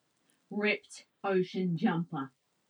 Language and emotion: English, angry